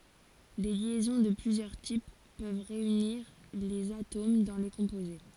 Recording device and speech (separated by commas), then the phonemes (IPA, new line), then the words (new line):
forehead accelerometer, read sentence
de ljɛzɔ̃ də plyzjœʁ tip pøv ʁeyniʁ lez atom dɑ̃ le kɔ̃poze
Des liaisons de plusieurs types peuvent réunir les atomes dans les composés.